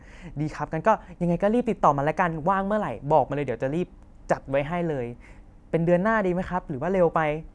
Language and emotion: Thai, happy